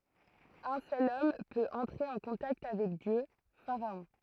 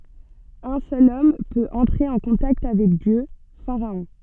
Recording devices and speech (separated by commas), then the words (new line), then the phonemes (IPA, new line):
throat microphone, soft in-ear microphone, read sentence
Un seul homme peut entrer en contact avec Dieu, pharaon.
œ̃ sœl ɔm pøt ɑ̃tʁe ɑ̃ kɔ̃takt avɛk djø faʁaɔ̃